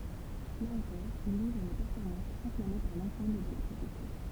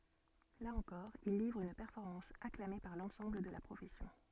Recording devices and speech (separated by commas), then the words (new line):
temple vibration pickup, soft in-ear microphone, read sentence
Là encore, il livre une performance acclamée par l'ensemble de la profession.